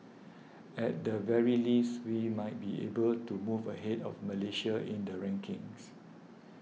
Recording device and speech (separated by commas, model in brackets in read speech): mobile phone (iPhone 6), read sentence